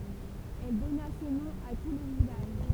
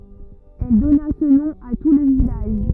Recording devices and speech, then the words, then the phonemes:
temple vibration pickup, rigid in-ear microphone, read sentence
Elle donna ce nom à tout le village.
ɛl dɔna sə nɔ̃ a tu lə vilaʒ

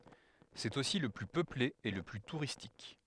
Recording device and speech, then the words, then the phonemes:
headset microphone, read sentence
C'est aussi le plus peuplé et le plus touristique.
sɛt osi lə ply pøple e lə ply tuʁistik

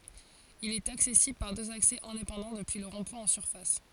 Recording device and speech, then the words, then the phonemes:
forehead accelerometer, read sentence
Il est accessible par deux accès indépendants depuis le rond-point en surface.
il ɛt aksɛsibl paʁ døz aksɛ ɛ̃depɑ̃dɑ̃ dəpyi lə ʁɔ̃dpwɛ̃ ɑ̃ syʁfas

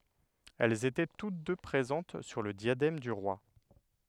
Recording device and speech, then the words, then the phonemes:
headset microphone, read sentence
Elles étaient toutes deux présentes sur le diadème du roi.
ɛlz etɛ tut dø pʁezɑ̃t syʁ lə djadɛm dy ʁwa

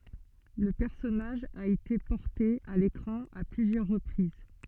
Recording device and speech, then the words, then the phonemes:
soft in-ear microphone, read sentence
Le personnage a été porté à l'écran à plusieurs reprises.
lə pɛʁsɔnaʒ a ete pɔʁte a lekʁɑ̃ a plyzjœʁ ʁəpʁiz

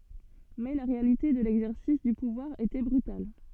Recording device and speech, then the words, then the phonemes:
soft in-ear microphone, read sentence
Mais la réalité de l'exercice du pouvoir était brutal.
mɛ la ʁealite də lɛɡzɛʁsis dy puvwaʁ etɛ bʁytal

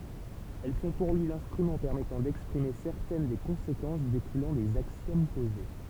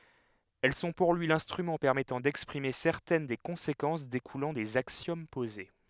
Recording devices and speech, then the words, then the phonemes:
temple vibration pickup, headset microphone, read sentence
Elles sont pour lui l’instrument permettant d’exprimer certaines des conséquences découlant des axiomes posés.
ɛl sɔ̃ puʁ lyi lɛ̃stʁymɑ̃ pɛʁmɛtɑ̃ dɛkspʁime sɛʁtɛn de kɔ̃sekɑ̃s dekulɑ̃ dez aksjom poze

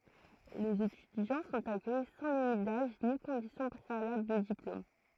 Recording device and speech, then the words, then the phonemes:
throat microphone, read sentence
Les étudiants sont accueillis sans limite d'âge ni condition préalable de diplôme.
lez etydjɑ̃ sɔ̃t akœji sɑ̃ limit daʒ ni kɔ̃disjɔ̃ pʁealabl də diplom

